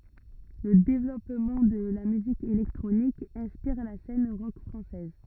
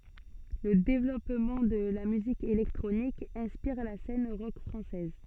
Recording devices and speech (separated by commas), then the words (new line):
rigid in-ear microphone, soft in-ear microphone, read sentence
Le développement de la musique électronique inspire la scène rock française.